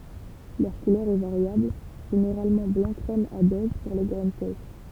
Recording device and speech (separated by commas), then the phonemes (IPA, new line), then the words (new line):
temple vibration pickup, read sentence
lœʁ kulœʁ ɛ vaʁjabl ʒeneʁalmɑ̃ blɑ̃ kʁɛm a bɛʒ puʁ le ɡʁɛn sɛʃ
Leur couleur est variable, généralement blanc crème à beige pour les graines sèches.